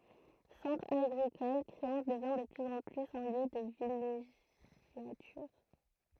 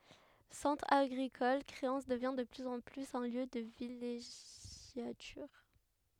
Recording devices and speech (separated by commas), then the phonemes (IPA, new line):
throat microphone, headset microphone, read sentence
sɑ̃tʁ aɡʁikɔl kʁeɑ̃s dəvjɛ̃ də plyz ɑ̃ plyz œ̃ ljø də vileʒjatyʁ